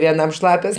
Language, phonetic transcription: Lithuanian, vieˈnam ˈšlapios

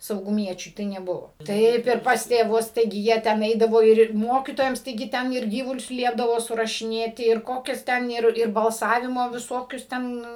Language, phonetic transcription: Lithuanian, sauguˈmiečiui tai neˈbuvo taip ir pas tėˈvus taiˈgi ˈjie ten ˈeidavo ir ir ˈmokytojams taiˈgi ˈten ir ˈgyvulius ˈliepdavo surašiˈnėti ir ˈkokias ˈten ir ir balˈsavimo viˈsokius ˈten

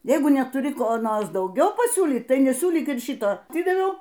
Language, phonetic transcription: Lithuanian, ˈjeigu netuˈri ˈko ˈnors dauˈgiau paˈsiūlyt ˈtai neˈsiūlyk ir ˈšito aˈtidaviau

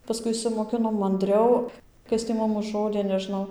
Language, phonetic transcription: Lithuanian, paˈskui išsimoˈkinom manˈdriau ˈkas tį ˈmum užˈrodė neˈžnau

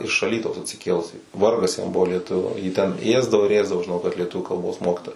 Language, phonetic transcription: Lithuanian, iš aˈlytaus atsiˈkėlusį ˈvargas jam ˈbuvo lieˈtuviu jį ˈten ˈėsdavo ir ˈėsdavo žiˈnau kad lieˈtuvių kalˈbos ˈmokitoja

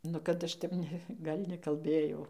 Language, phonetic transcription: Lithuanian, ˈnu kad ˈaš tep ˈne ˈgal' nekalˈbėjau

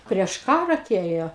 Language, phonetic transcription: Lithuanian, prieš ˈkarą aˈtėjo

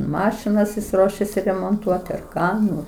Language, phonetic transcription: Lithuanian, ˈmašinas jis ˈruošiasi remonˈtuoti ar ˈką ˈnu

